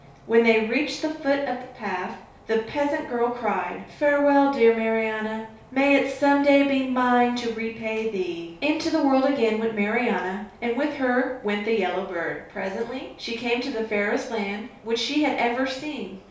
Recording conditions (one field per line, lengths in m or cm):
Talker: one person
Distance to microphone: 3.0 m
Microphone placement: far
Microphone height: 1.8 m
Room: small (3.7 m by 2.7 m)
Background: none